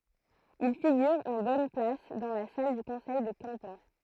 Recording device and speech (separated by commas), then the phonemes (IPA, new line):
throat microphone, read sentence
il fiɡyʁ ɑ̃ bɔn plas dɑ̃ la sal dy kɔ̃sɛj də kɑ̃pɑ̃